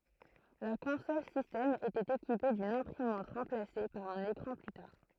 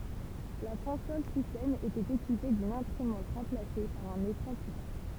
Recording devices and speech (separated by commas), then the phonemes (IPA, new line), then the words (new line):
throat microphone, temple vibration pickup, read sentence
la kɔ̃sɔl sistɛm etɛt ekipe dyn ɛ̃pʁimɑ̃t ʁɑ̃plase paʁ œ̃n ekʁɑ̃ ply taʁ
La console système était équipée d'une imprimante remplacée par un écran plus tard.